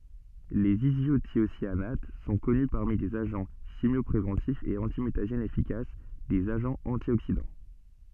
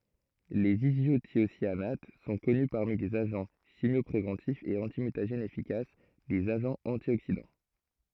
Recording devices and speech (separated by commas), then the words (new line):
soft in-ear microphone, throat microphone, read sentence
Les isothiocyanates sont connus parmi des agents chimiopréventifs et antimutagènes efficaces, des agents antioxydants.